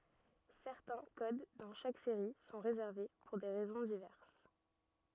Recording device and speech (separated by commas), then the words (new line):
rigid in-ear microphone, read sentence
Certains codes dans chaque série sont réservés, pour des raisons diverses.